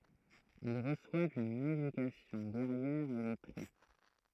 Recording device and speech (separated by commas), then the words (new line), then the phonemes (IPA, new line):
throat microphone, read sentence
Ils reçoivent une éducation guerrière et lettrée.
il ʁəswavt yn edykasjɔ̃ ɡɛʁjɛʁ e lɛtʁe